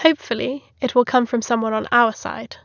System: none